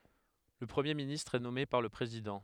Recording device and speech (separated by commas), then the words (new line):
headset microphone, read sentence
Le Premier ministre est nommé par le Président.